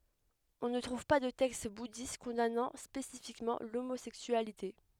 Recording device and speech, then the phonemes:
headset microphone, read sentence
ɔ̃ nə tʁuv pa də tɛkst budist kɔ̃danɑ̃ spesifikmɑ̃ lomozɛksyalite

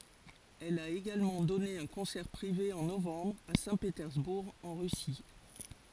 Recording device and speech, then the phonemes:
forehead accelerometer, read sentence
ɛl a eɡalmɑ̃ dɔne œ̃ kɔ̃sɛʁ pʁive ɑ̃ novɑ̃bʁ a sɛ̃petɛʁzbuʁ ɑ̃ ʁysi

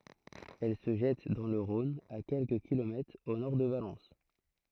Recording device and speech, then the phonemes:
throat microphone, read sentence
ɛl sə ʒɛt dɑ̃ lə ʁɔ̃n a kɛlkə kilomɛtʁz o nɔʁ də valɑ̃s

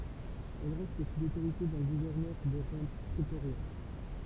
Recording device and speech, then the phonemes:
temple vibration pickup, read sentence
ɛl ʁɛst su lotoʁite dœ̃ ɡuvɛʁnœʁ də ʁɑ̃ pʁetoʁjɛ̃

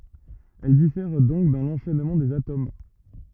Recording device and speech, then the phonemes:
rigid in-ear microphone, read sentence
ɛl difɛʁ dɔ̃k dɑ̃ lɑ̃ʃɛnmɑ̃ dez atom

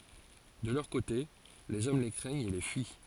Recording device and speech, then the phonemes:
forehead accelerometer, read sentence
də lœʁ kote lez ɔm le kʁɛɲt e le fyi

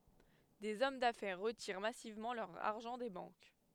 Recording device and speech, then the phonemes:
headset microphone, read sentence
dez ɔm dafɛʁ ʁətiʁ masivmɑ̃ lœʁ aʁʒɑ̃ de bɑ̃k

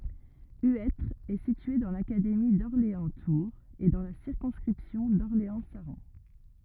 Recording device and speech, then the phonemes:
rigid in-ear microphone, read sentence
yɛtʁ ɛ sitye dɑ̃ lakademi dɔʁleɑ̃stuʁz e dɑ̃ la siʁkɔ̃skʁipsjɔ̃ dɔʁleɑ̃saʁɑ̃

